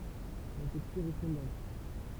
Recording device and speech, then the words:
temple vibration pickup, read sentence
La texture est fondante.

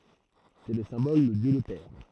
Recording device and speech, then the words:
throat microphone, read sentence
C’est le symbole de Dieu le Père.

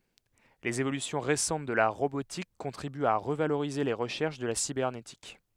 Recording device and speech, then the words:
headset microphone, read sentence
Les évolutions récentes de la robotique contribuent à revaloriser les recherches de la cybernétique.

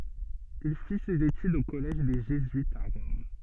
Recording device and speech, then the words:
soft in-ear microphone, read sentence
Il fit ses études au collège des jésuites à Rome.

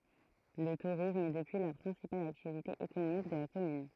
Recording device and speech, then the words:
throat microphone, read sentence
Le tourisme est depuis la principale activité économique de la commune.

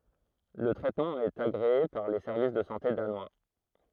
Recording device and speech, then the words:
throat microphone, read sentence
Le traitement est agréé par les Services de santé Danois.

